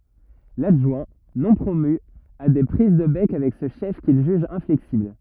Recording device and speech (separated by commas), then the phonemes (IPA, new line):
rigid in-ear microphone, read sentence
ladʒwɛ̃ nɔ̃ pʁomy a de pʁiz də bɛk avɛk sə ʃɛf kil ʒyʒ ɛ̃flɛksibl